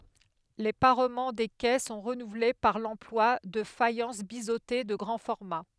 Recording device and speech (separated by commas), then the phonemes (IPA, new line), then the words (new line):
headset microphone, read sentence
le paʁmɑ̃ de kɛ sɔ̃ ʁənuvle paʁ lɑ̃plwa də fajɑ̃s bizote də ɡʁɑ̃ fɔʁma
Les parements des quais sont renouvelés par l’emploi de faïences biseautées de grand format.